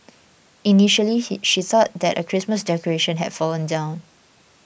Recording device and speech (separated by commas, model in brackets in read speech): boundary microphone (BM630), read sentence